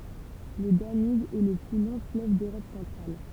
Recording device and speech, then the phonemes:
temple vibration pickup, read sentence
lə danyb ɛ lə ply lɔ̃ fløv døʁɔp sɑ̃tʁal

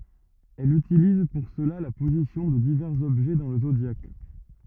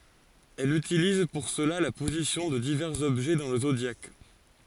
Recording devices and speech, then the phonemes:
rigid in-ear microphone, forehead accelerometer, read sentence
ɛl ytiliz puʁ səla la pozisjɔ̃ də divɛʁz ɔbʒɛ dɑ̃ lə zodjak

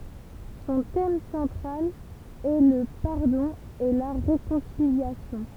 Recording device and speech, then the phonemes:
temple vibration pickup, read sentence
sɔ̃ tɛm sɑ̃tʁal ɛ lə paʁdɔ̃ e la ʁekɔ̃siljasjɔ̃

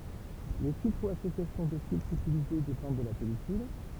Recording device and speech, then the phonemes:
temple vibration pickup, read sentence
le filtʁ u asosjasjɔ̃ də filtʁz ytilize depɑ̃d də la pɛlikyl

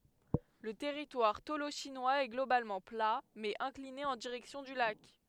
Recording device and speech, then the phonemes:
headset microphone, read sentence
lə tɛʁitwaʁ toloʃinwaz ɛ ɡlobalmɑ̃ pla mɛz ɛ̃kline ɑ̃ diʁɛksjɔ̃ dy lak

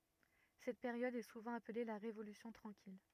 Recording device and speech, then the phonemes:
rigid in-ear microphone, read sentence
sɛt peʁjɔd ɛ suvɑ̃ aple la ʁevolysjɔ̃ tʁɑ̃kil

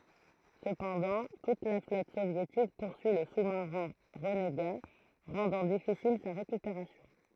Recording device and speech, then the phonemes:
throat microphone, read sentence
səpɑ̃dɑ̃ tut la flɔt sovjetik puʁsyi lə su maʁɛ̃ ʁəneɡa ʁɑ̃dɑ̃ difisil sa ʁekypeʁasjɔ̃

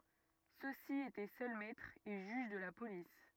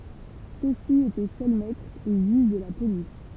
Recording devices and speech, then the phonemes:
rigid in-ear microphone, temple vibration pickup, read sentence
sø si etɛ sœl mɛtʁz e ʒyʒ də la polis

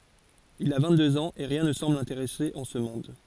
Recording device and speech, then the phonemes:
forehead accelerometer, read sentence
il a vɛ̃ɡtdøz ɑ̃z e ʁjɛ̃ nə sɑ̃bl lɛ̃teʁɛse ɑ̃ sə mɔ̃d

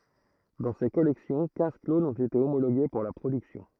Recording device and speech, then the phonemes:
throat microphone, read sentence
dɑ̃ se kɔlɛksjɔ̃ kɛ̃z klonz ɔ̃t ete omoloɡe puʁ la pʁodyksjɔ̃

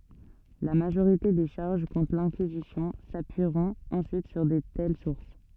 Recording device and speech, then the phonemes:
soft in-ear microphone, read sentence
la maʒoʁite de ʃaʁʒ kɔ̃tʁ lɛ̃kizisjɔ̃ sapyiʁɔ̃t ɑ̃syit syʁ də tɛl suʁs

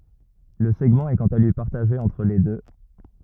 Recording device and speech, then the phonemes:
rigid in-ear microphone, read sentence
lə sɛɡmɑ̃ ɛ kɑ̃t a lyi paʁtaʒe ɑ̃tʁ le dø

